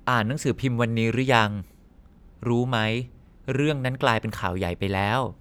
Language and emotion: Thai, neutral